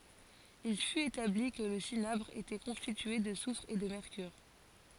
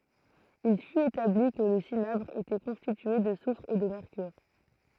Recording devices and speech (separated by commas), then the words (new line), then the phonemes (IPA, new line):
forehead accelerometer, throat microphone, read sentence
Il fut établi que le cinabre était constitué de soufre et de mercure.
il fyt etabli kə lə sinabʁ etɛ kɔ̃stitye də sufʁ e də mɛʁkyʁ